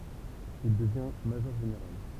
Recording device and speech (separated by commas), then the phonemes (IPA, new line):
temple vibration pickup, read sentence
il dəvjɛ̃ maʒɔʁʒeneʁal